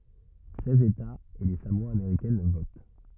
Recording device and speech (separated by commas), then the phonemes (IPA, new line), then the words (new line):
rigid in-ear microphone, read sentence
sɛz etaz e le samoa ameʁikɛn vot
Seize États et les Samoa américaines votent.